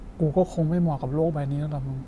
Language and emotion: Thai, frustrated